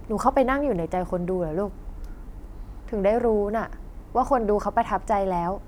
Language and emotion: Thai, frustrated